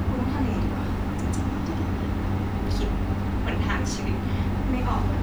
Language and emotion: Thai, frustrated